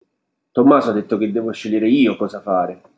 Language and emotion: Italian, angry